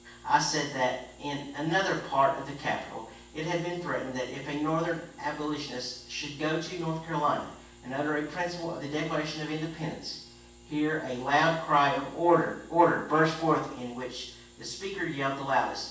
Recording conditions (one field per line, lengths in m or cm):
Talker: one person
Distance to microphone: 9.8 m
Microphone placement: far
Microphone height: 1.8 m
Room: large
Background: none